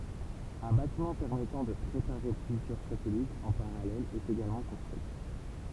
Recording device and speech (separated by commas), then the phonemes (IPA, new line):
temple vibration pickup, read sentence
œ̃ batimɑ̃ pɛʁmɛtɑ̃ də pʁepaʁe plyzjœʁ satɛlitz ɑ̃ paʁalɛl ɛt eɡalmɑ̃ kɔ̃stʁyi